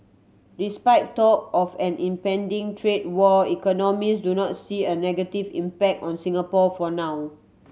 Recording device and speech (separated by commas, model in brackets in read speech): mobile phone (Samsung C7100), read sentence